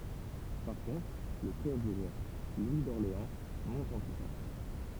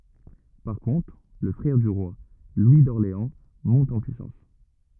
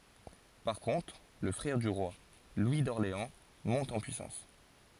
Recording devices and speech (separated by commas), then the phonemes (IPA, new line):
temple vibration pickup, rigid in-ear microphone, forehead accelerometer, read sentence
paʁ kɔ̃tʁ lə fʁɛʁ dy ʁwa lwi dɔʁleɑ̃ mɔ̃t ɑ̃ pyisɑ̃s